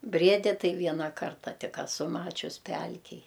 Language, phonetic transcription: Lithuanian, ˈbriedi ˈtai ˈviena ˈkarta ˈtik aˈsu ˈmačius ˈpelkėj

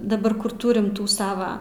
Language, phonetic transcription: Lithuanian, daˈbar ˈkur ˈtūrim ˈtų ˈsava

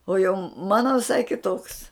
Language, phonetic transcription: Lithuanian, o jau ˈmano viˈsai kiˈtoks

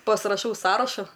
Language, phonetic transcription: Lithuanian, pasraˈšau ˈsąrašu

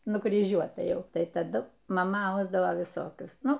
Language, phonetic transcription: Lithuanian, nukryˈžiuota ˈjau ˈtai taˈdu maˈma ˈausdavo viˈsokius ˈnu

